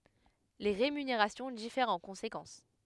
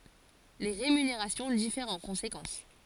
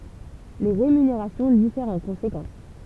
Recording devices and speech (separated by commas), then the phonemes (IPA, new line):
headset microphone, forehead accelerometer, temple vibration pickup, read sentence
le ʁemyneʁasjɔ̃ difɛʁt ɑ̃ kɔ̃sekɑ̃s